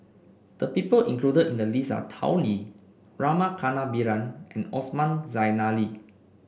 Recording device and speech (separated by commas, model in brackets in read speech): boundary microphone (BM630), read sentence